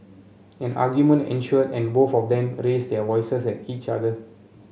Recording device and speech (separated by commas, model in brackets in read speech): mobile phone (Samsung C7), read sentence